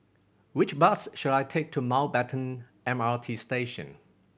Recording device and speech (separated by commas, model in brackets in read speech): boundary microphone (BM630), read sentence